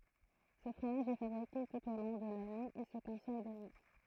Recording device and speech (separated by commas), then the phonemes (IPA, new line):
throat microphone, read sentence
sə fʁomaʒ ɛ fabʁike tut o lɔ̃ də lane e sə kɔ̃sɔm də mɛm